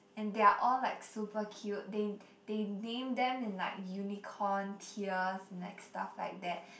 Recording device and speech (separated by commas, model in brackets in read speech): boundary microphone, conversation in the same room